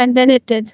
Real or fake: fake